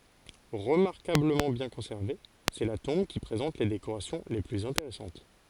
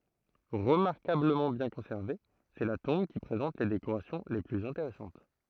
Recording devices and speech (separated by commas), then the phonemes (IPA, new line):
forehead accelerometer, throat microphone, read sentence
ʁəmaʁkabləmɑ̃ bjɛ̃ kɔ̃sɛʁve sɛ la tɔ̃b ki pʁezɑ̃t le dekoʁasjɔ̃ le plyz ɛ̃teʁɛsɑ̃t